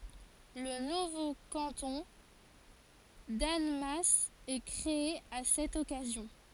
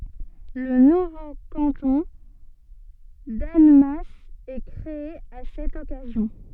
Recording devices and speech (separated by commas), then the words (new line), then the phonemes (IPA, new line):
forehead accelerometer, soft in-ear microphone, read sentence
Le nouveau canton d'Annemasse est créé à cette occasion.
lə nuvo kɑ̃tɔ̃ danmas ɛ kʁee a sɛt ɔkazjɔ̃